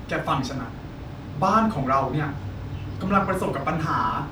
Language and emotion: Thai, frustrated